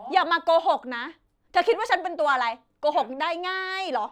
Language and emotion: Thai, angry